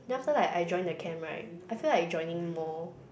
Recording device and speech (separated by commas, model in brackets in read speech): boundary microphone, conversation in the same room